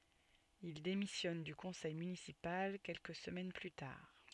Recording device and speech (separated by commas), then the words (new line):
soft in-ear microphone, read sentence
Il démissionne du conseil municipal quelques semaines plus tard.